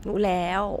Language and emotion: Thai, neutral